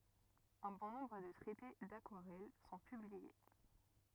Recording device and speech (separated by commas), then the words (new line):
rigid in-ear microphone, read sentence
Un bon nombre de traités d'aquarelle sont publiés.